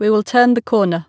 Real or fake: real